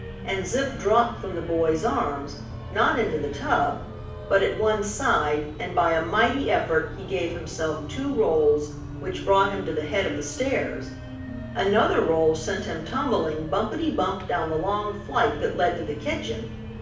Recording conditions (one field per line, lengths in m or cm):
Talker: one person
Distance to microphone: 5.8 m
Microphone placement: far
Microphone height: 1.8 m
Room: medium-sized (5.7 m by 4.0 m)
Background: music